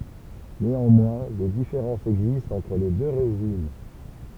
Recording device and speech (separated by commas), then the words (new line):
temple vibration pickup, read sentence
Néanmoins, des différences existent entre les deux régimes.